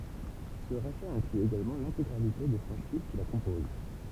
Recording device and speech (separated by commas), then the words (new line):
temple vibration pickup, read sentence
Ce rachat inclut également l'intégralité des franchises qui la composent.